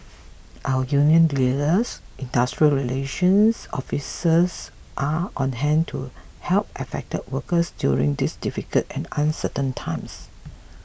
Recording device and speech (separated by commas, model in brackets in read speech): boundary microphone (BM630), read sentence